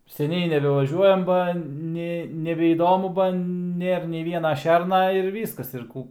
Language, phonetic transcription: Lithuanian, seˈniai nebevaˈžiuojam ˈba ˈne nebeįˈdomu ba ˈnėr nei ˈviena ˈšerna ir ˈvyskas ir ˈkų

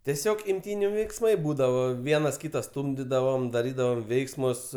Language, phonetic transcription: Lithuanian, tieˈsiog imˈtyniu veiksˈmai ˈbūdavo ˈvienas ˈkyta ˈstūmdidavom daˈrydavom ˈveiksmus

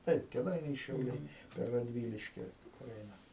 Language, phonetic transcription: Lithuanian, ˈtaip keˈdainiai šiauˈliai per radˈvyliški kur ˈeina

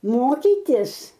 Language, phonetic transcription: Lithuanian, ˈmokytis

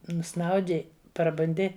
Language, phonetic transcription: Lithuanian, nuˈsnaudi prabunˈdi

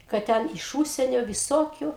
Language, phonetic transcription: Lithuanian, kad ˈten iš ˈūžsienio viˈsokiu

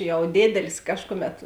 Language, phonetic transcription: Lithuanian, ˈjau ˈdėdelis ˈkažkuˌmet

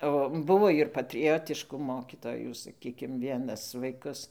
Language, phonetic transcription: Lithuanian, o ˈbuvo ir patriˈjotišku ˈmokytojų saˈkykim ˈvienas vaiˈkus

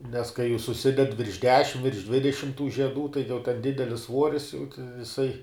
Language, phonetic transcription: Lithuanian, nes kai jų suˈsided virš ˈdešim virš ˈdvidešim tų žieˈdų tai jau ten ˈdidelis ˈsvuoris jau jiˈsai

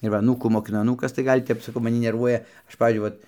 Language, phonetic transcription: Lithuanian, ir ˈva aˈnūkų mokiˈnu aˈnūkas ˈgal' tep maˈni nerˈvuoja ˈaš ˈpavyzdžiui ˈvat

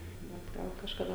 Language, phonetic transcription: Lithuanian, ˈbet ˈgal kažkaˈda

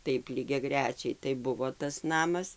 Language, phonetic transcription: Lithuanian, ˈtaip lygiaˈgrečiai tai ˈbuvo tas ˈnamas

